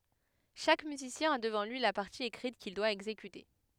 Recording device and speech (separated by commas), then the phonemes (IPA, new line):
headset microphone, read sentence
ʃak myzisjɛ̃ a dəvɑ̃ lyi la paʁti ekʁit kil dwa ɛɡzekyte